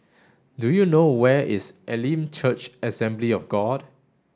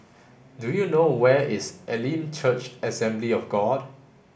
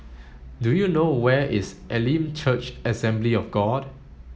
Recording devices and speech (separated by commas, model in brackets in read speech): standing microphone (AKG C214), boundary microphone (BM630), mobile phone (Samsung S8), read sentence